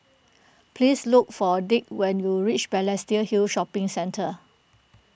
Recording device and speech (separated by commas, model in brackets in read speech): boundary microphone (BM630), read sentence